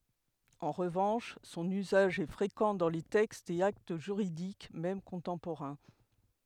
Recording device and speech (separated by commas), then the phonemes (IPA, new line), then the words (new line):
headset microphone, read sentence
ɑ̃ ʁəvɑ̃ʃ sɔ̃n yzaʒ ɛ fʁekɑ̃ dɑ̃ le tɛkstz e akt ʒyʁidik mɛm kɔ̃tɑ̃poʁɛ̃
En revanche son usage est fréquent dans les textes et actes juridiques même contemporains.